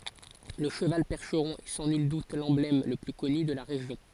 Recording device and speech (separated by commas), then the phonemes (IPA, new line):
forehead accelerometer, read sentence
lə ʃəval pɛʁʃʁɔ̃ ɛ sɑ̃ nyl dut lɑ̃blɛm lə ply kɔny də la ʁeʒjɔ̃